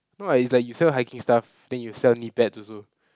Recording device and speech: close-talking microphone, conversation in the same room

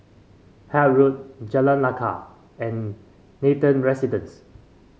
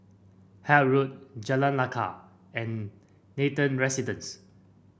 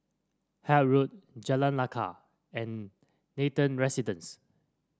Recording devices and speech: mobile phone (Samsung C5), boundary microphone (BM630), standing microphone (AKG C214), read sentence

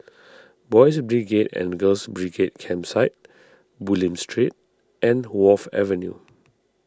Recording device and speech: standing microphone (AKG C214), read sentence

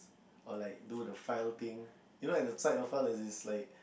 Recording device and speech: boundary microphone, conversation in the same room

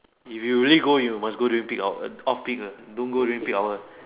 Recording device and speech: telephone, conversation in separate rooms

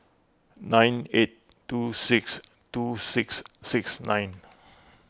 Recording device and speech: close-talking microphone (WH20), read sentence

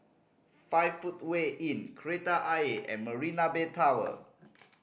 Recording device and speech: boundary microphone (BM630), read sentence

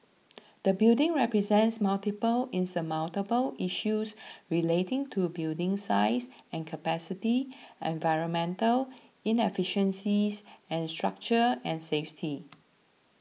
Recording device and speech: mobile phone (iPhone 6), read sentence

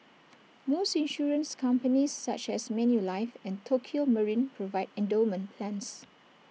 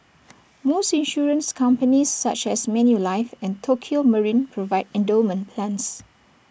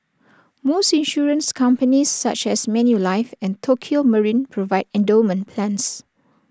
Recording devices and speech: mobile phone (iPhone 6), boundary microphone (BM630), standing microphone (AKG C214), read sentence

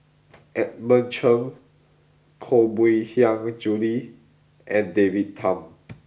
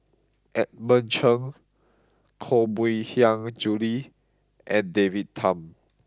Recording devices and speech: boundary microphone (BM630), close-talking microphone (WH20), read sentence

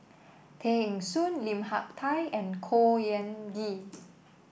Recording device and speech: boundary microphone (BM630), read sentence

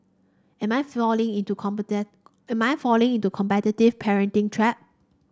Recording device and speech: standing microphone (AKG C214), read sentence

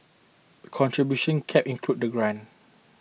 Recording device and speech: mobile phone (iPhone 6), read sentence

